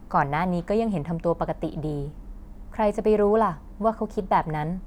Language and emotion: Thai, neutral